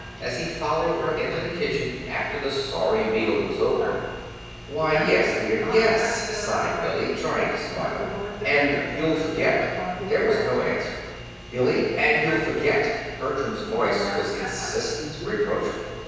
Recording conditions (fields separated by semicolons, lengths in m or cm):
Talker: one person; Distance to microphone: 7.1 m; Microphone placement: far; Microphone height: 1.7 m; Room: very reverberant, large; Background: television